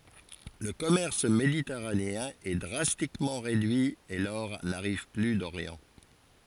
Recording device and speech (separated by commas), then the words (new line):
forehead accelerometer, read sentence
Le commerce méditerranéen est drastiquement réduit et l'or n'arrive plus d'Orient.